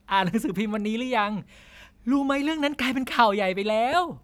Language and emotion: Thai, happy